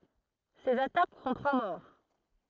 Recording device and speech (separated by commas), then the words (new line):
throat microphone, read sentence
Ces attaques font trois morts.